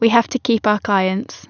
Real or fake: real